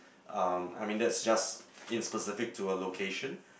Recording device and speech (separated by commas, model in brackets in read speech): boundary microphone, conversation in the same room